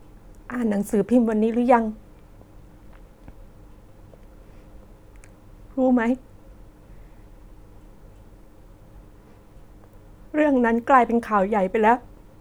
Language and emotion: Thai, sad